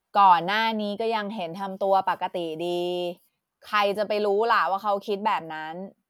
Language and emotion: Thai, frustrated